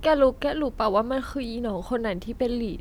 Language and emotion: Thai, sad